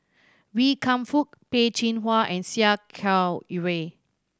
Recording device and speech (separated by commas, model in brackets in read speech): standing microphone (AKG C214), read sentence